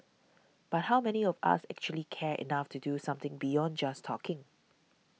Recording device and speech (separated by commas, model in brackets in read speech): mobile phone (iPhone 6), read sentence